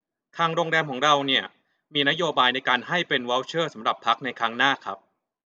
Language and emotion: Thai, neutral